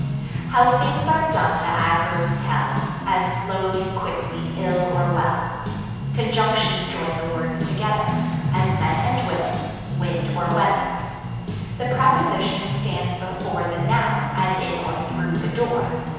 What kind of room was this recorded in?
A large, very reverberant room.